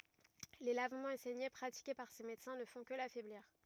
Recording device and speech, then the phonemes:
rigid in-ear microphone, read sentence
le lavmɑ̃z e sɛɲe pʁatike paʁ se medəsɛ̃ nə fɔ̃ kə lafɛbliʁ

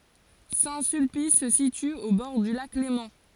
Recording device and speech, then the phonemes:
forehead accelerometer, read sentence
sɛ̃ sylpis sə sity o bɔʁ dy lak lemɑ̃

